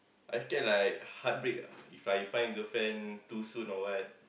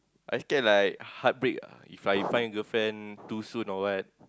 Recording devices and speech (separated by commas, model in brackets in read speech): boundary microphone, close-talking microphone, conversation in the same room